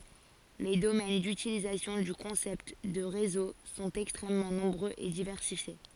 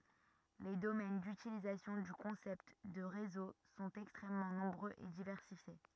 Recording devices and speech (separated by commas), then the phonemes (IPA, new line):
forehead accelerometer, rigid in-ear microphone, read sentence
le domɛn dytilizasjɔ̃ dy kɔ̃sɛpt də ʁezo sɔ̃t ɛkstʁɛmmɑ̃ nɔ̃bʁøz e divɛʁsifje